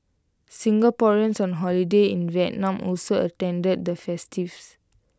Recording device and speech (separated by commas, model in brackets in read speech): close-talking microphone (WH20), read sentence